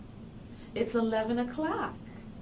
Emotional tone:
happy